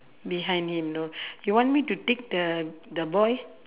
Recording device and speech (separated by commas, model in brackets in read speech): telephone, conversation in separate rooms